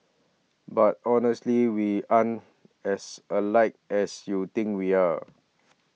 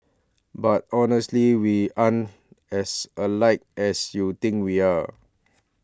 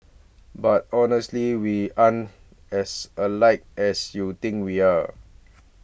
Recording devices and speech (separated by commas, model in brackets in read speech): mobile phone (iPhone 6), standing microphone (AKG C214), boundary microphone (BM630), read sentence